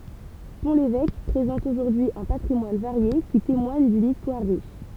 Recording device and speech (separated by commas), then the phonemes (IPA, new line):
temple vibration pickup, read sentence
pɔ̃ levɛk pʁezɑ̃t oʒuʁdyi œ̃ patʁimwan vaʁje ki temwaɲ dyn istwaʁ ʁiʃ